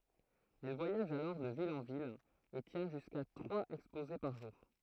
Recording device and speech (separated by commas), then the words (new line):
throat microphone, read sentence
Elle voyage alors de ville en ville et tient jusqu'à trois exposés par jour.